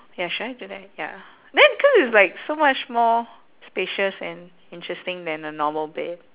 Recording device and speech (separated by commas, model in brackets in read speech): telephone, conversation in separate rooms